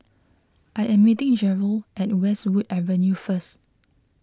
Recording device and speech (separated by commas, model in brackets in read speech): close-talking microphone (WH20), read sentence